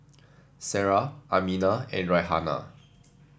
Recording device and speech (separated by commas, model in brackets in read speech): standing microphone (AKG C214), read sentence